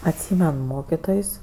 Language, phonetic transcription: Lithuanian, atˈsymen ˈmokitojs'

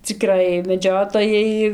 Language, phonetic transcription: Lithuanian, ciˈkrai meˈdžiotojai

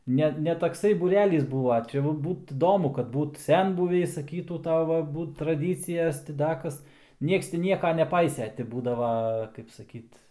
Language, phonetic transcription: Lithuanian, ˈne ne takˈsai būˈrelys ˈbūva ˈčia va ˈbūt iˈdomu kad ˈbūt ˈsenbuviai saˈkytų ˈtava ˈbūt traˈdycijas ti ˈda ˈkas ˈnieks ˈti ˈnieka neˈpaisė ti ˈbūdava kaip saˈkyt

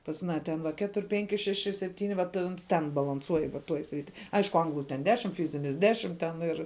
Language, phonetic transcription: Lithuanian, pas aˈną ten ˈva ˈketur' ˈpenki ˈšeši seˈptyni vat ˈans ten balanˈsuoj va ˈtuoj ˈsriti ˈaišku ˈanglu ten ˈdešim ˈfyzinis ˈdešim ˈten ir

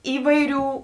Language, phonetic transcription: Lithuanian, ˈįvaiˌrių

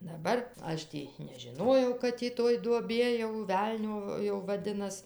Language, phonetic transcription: Lithuanian, daˈbar ˈaš tį nežiˈnojau kad tį ˈtoj duoˈbie jau ˈvelnio jau vaˈdinas

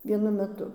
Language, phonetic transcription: Lithuanian, vieˈnu meˈtu

